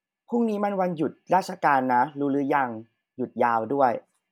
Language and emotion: Thai, neutral